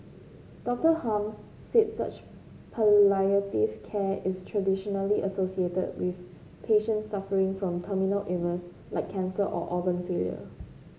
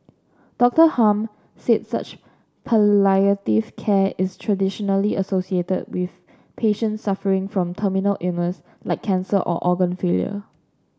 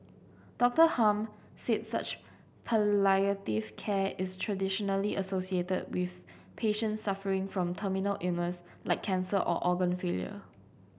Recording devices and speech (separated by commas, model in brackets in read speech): mobile phone (Samsung C5), standing microphone (AKG C214), boundary microphone (BM630), read sentence